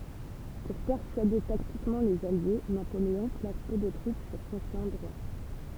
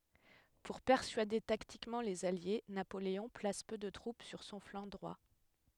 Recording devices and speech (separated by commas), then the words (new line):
temple vibration pickup, headset microphone, read sentence
Pour persuader tactiquement les alliés, Napoléon place peu de troupes sur son flanc droit.